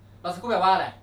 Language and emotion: Thai, angry